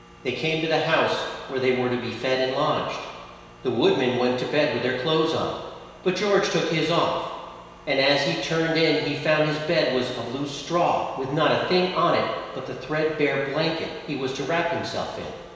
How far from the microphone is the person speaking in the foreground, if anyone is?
1.7 m.